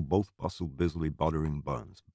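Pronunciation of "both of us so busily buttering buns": The line is said the American way, and 'buttering' does not have a pronounced English t.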